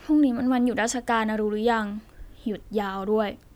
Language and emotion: Thai, sad